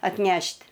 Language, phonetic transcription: Lithuanian, atˈnešt'

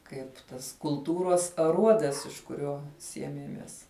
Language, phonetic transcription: Lithuanian, ˈkaip tas kulˈtūros aˈruodas iš kuˈrio ˈsiemiemies

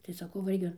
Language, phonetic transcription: Lithuanian, tai saˈkau va ˈirgi

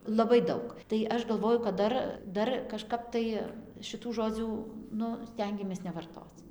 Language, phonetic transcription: Lithuanian, laˈbai ˈdaug tai ˈaš galˈvoju kad ˈdar ˈdar kažˈkap tai šiˈtų ˈžodzių ˈnu ˈstengiamės nevarˈtoc

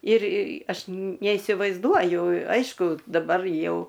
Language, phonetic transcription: Lithuanian, ir ˈaš neisivaizˈduoju ˈaišku daˈbar ˈjau

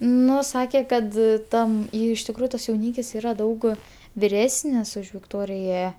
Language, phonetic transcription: Lithuanian, ˈnu ˈsakė kad ˈtam ˈjei iš tikˈrųju ˈtas jauˈnykis ˈyra ˈdaug viˈresnis už vikˈtorija

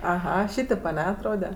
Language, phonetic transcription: Lithuanian, aˈha ˈšytėp aˈne atˈrode

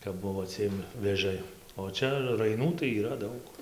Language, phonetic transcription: Lithuanian, kap ˈbuvo ˈciem vėˈžai o ˈčia raiˈnų tai yˈra ˈdaug

